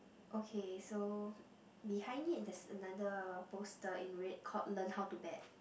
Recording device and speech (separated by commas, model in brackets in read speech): boundary microphone, conversation in the same room